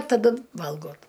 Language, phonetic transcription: Lithuanian, taˈdu ˈvalgot

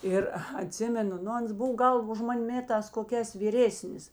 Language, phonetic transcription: Lithuanian, ˈir aˈtsimenu ˈnu ˈans ˈbuv ˈgal už ˈman' ˈmėtās koˈkēs vyˈrėsnis

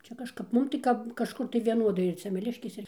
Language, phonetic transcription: Lithuanian, ˈčia kažˈkap ˈmum tai ˈkap kažˈkur tai vieˈnodai ir semeˈliškės ˈir

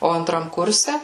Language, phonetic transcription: Lithuanian, ˈo anˈtram ˈkurse

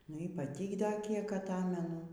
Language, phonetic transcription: Lithuanian, ˈnu i paˈty ˈda ˈkiek aˈtamenu

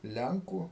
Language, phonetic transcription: Lithuanian, ˈlenkų

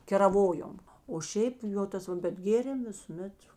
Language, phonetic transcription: Lithuanian, keraˈvojom o ˈšiaip ˈjo ˈtas va bet ˈgėrėm visuˈmet

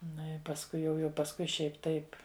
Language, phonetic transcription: Lithuanian, ˈnu i pasˈkui jau jau pasˈkui ˈšiaip' ˈtaip

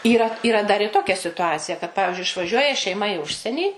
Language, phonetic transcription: Lithuanian, ˈyra yˈra dar ir ˈtokia situˈacija kad ˈpavižiui išvaˈžiuoja šeiˈma i ˈužsienį

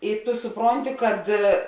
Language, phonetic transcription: Lithuanian, ir tu suˈpronti kad

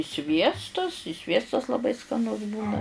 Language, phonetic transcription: Lithuanian, i ˈsviestus i ˈsviestas laˈbai skaˈnus ˈbūna

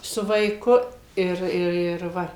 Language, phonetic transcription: Lithuanian, su vaiˈku ˈir ir ir ˈva

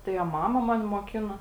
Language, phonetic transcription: Lithuanian, tai a ˈmama ˈmani moˈkino

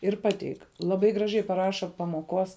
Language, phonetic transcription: Lithuanian, ir ˈpateik laˈbai graˈžiai paˈraša pamoˈkos

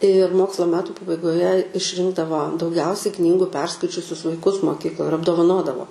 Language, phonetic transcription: Lithuanian, ir ˈmoksla ˈmetu pabaigoˈje išˈrinkdavo dauˈgiausiai ˈknygu ˈperskaičiusius vaiˈkus moˈkykloj ir apdovaˈnodavo

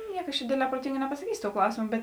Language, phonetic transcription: Lithuanian, ˈniek aš čia ˈdėdˌlē proˈtinga nepasaˈkysio tou ˈklausimo ˈbet

